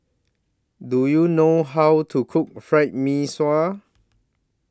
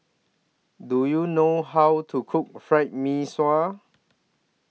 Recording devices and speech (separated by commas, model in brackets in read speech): standing microphone (AKG C214), mobile phone (iPhone 6), read sentence